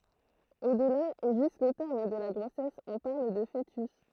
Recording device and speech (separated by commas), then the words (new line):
throat microphone, read sentence
Au-delà et jusqu'au terme de la grossesse, on parle de fœtus.